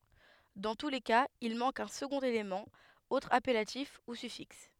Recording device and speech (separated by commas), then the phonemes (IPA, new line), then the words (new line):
headset microphone, read sentence
dɑ̃ tu le kaz il mɑ̃k œ̃ səɡɔ̃t elemɑ̃ otʁ apɛlatif u syfiks
Dans tous les cas, il manque un second élément, autre appellatif ou suffixe.